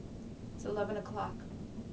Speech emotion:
neutral